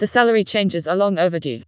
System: TTS, vocoder